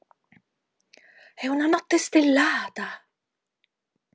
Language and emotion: Italian, surprised